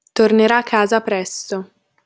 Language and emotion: Italian, neutral